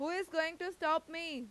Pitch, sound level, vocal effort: 320 Hz, 96 dB SPL, loud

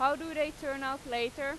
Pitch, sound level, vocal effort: 275 Hz, 95 dB SPL, very loud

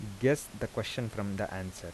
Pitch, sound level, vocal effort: 105 Hz, 82 dB SPL, soft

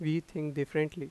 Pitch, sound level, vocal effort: 155 Hz, 87 dB SPL, normal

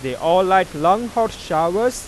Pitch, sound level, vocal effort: 185 Hz, 99 dB SPL, normal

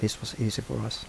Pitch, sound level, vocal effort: 110 Hz, 75 dB SPL, soft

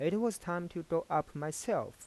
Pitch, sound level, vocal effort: 175 Hz, 89 dB SPL, soft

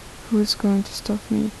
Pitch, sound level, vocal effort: 215 Hz, 72 dB SPL, soft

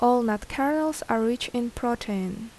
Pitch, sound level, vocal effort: 240 Hz, 78 dB SPL, normal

